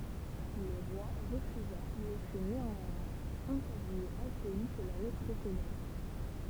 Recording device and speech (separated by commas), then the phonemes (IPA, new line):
temple vibration pickup, read sentence
lə ʁwa ʁəfyza mɛ fy neɑ̃mwɛ̃z ɑ̃kɔʁ mjø akœji kə lane pʁesedɑ̃t